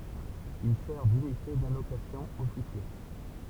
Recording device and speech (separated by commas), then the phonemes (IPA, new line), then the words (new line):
temple vibration pickup, read sentence
il sɛʁ dynite dalokasjɔ̃ o fiʃje
Il sert d'unité d'allocation aux fichiers.